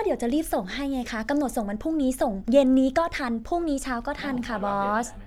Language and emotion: Thai, frustrated